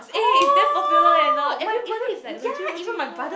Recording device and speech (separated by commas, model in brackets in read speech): boundary microphone, conversation in the same room